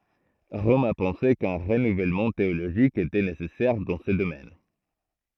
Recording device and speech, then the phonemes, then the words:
throat microphone, read sentence
ʁɔm a pɑ̃se kœ̃ ʁənuvɛlmɑ̃ teoloʒik etɛ nesɛsɛʁ dɑ̃ sə domɛn
Rome a pensé qu'un renouvellement théologique était nécessaire dans ce domaine.

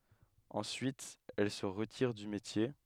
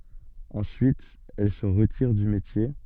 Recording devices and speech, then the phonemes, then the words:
headset microphone, soft in-ear microphone, read sentence
ɑ̃syit ɛl sə ʁətiʁ dy metje
Ensuite elle se retire du métier.

